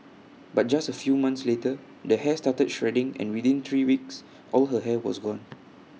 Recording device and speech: mobile phone (iPhone 6), read sentence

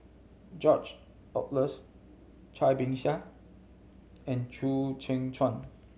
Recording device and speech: mobile phone (Samsung C7100), read sentence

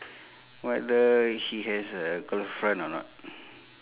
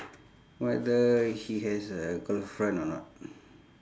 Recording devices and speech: telephone, standing microphone, conversation in separate rooms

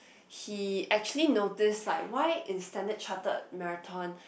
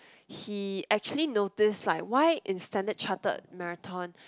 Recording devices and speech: boundary microphone, close-talking microphone, conversation in the same room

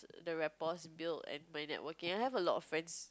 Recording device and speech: close-talking microphone, conversation in the same room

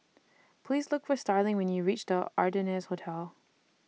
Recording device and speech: mobile phone (iPhone 6), read sentence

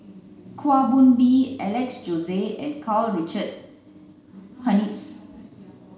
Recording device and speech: mobile phone (Samsung C9), read sentence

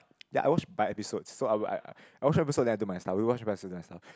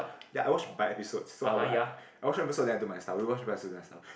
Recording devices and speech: close-talking microphone, boundary microphone, conversation in the same room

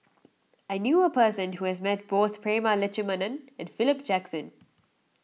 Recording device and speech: mobile phone (iPhone 6), read sentence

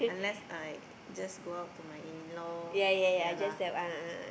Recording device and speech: boundary microphone, conversation in the same room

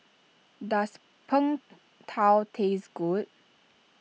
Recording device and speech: mobile phone (iPhone 6), read sentence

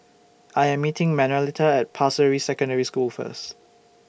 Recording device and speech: boundary microphone (BM630), read sentence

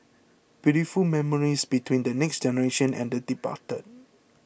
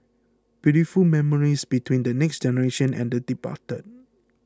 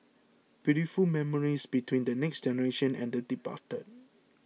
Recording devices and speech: boundary microphone (BM630), close-talking microphone (WH20), mobile phone (iPhone 6), read sentence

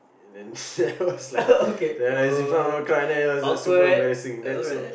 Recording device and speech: boundary microphone, conversation in the same room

